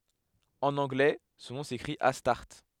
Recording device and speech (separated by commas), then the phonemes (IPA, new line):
headset microphone, read sentence
ɑ̃n ɑ̃ɡlɛ sɔ̃ nɔ̃ sekʁit astaʁt